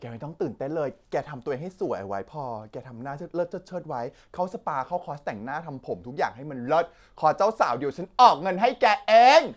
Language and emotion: Thai, happy